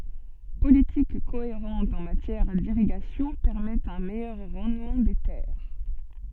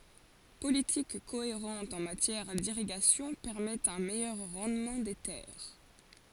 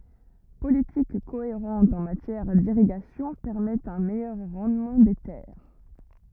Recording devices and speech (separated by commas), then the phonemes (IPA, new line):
soft in-ear microphone, forehead accelerometer, rigid in-ear microphone, read sentence
politik koeʁɑ̃t ɑ̃ matjɛʁ diʁiɡasjɔ̃ pɛʁmɛtɑ̃ œ̃ mɛjœʁ ʁɑ̃dmɑ̃ de tɛʁ